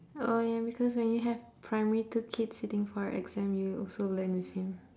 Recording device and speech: standing microphone, conversation in separate rooms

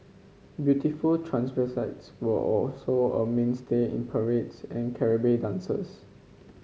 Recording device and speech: mobile phone (Samsung C5), read sentence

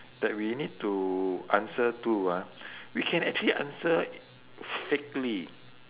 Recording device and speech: telephone, conversation in separate rooms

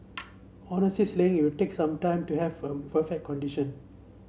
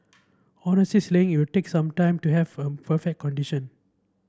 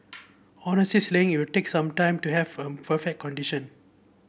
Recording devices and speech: mobile phone (Samsung C7), standing microphone (AKG C214), boundary microphone (BM630), read sentence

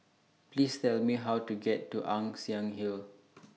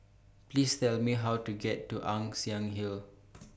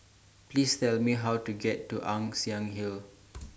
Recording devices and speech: mobile phone (iPhone 6), boundary microphone (BM630), standing microphone (AKG C214), read sentence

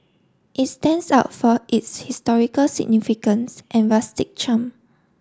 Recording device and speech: standing microphone (AKG C214), read sentence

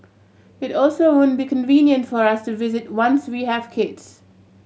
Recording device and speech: mobile phone (Samsung C7100), read sentence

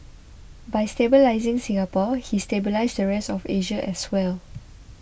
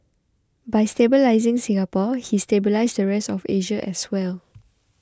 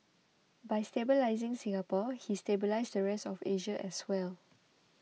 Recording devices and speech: boundary microphone (BM630), close-talking microphone (WH20), mobile phone (iPhone 6), read sentence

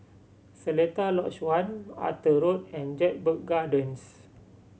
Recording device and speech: mobile phone (Samsung C7100), read sentence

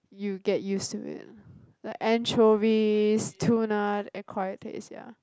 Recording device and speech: close-talking microphone, conversation in the same room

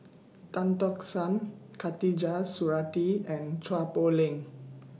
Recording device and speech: mobile phone (iPhone 6), read sentence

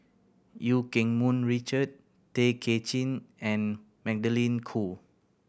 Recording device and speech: boundary microphone (BM630), read sentence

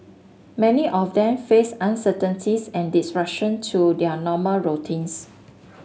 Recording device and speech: mobile phone (Samsung S8), read sentence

